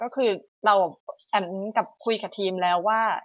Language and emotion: Thai, neutral